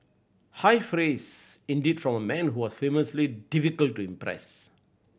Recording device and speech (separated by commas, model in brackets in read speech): boundary microphone (BM630), read sentence